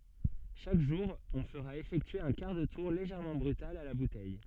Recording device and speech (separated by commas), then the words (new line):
soft in-ear microphone, read sentence
Chaque jour, on fera effectuer un quart de tour légèrement brutal à la bouteille.